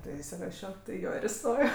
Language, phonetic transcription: Lithuanian, ˈtai isiˈrašio tai i ˈjo ir iˈstojo

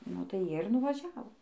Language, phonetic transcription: Lithuanian, nu tai ˈjie ir nuvaˈžiavo

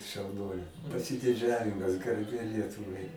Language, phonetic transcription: Lithuanian, šauˈnuolė pasidiˈdžiavimas garˈbė ˈlietuvai

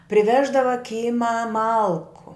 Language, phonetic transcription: Lithuanian, priˈveždava ˈkymą ˈmalku

